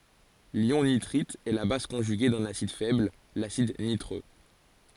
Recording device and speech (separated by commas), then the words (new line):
forehead accelerometer, read sentence
L'ion nitrite est la base conjuguée d'un acide faible, l'acide nitreux.